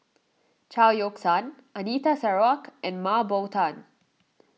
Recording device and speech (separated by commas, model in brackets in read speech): mobile phone (iPhone 6), read sentence